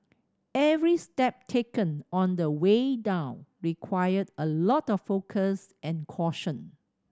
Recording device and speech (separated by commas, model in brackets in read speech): standing microphone (AKG C214), read sentence